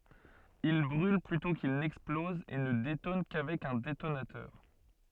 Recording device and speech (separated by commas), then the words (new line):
soft in-ear microphone, read sentence
Il brûle plutôt qu'il n'explose et ne détonne qu’avec un détonateur.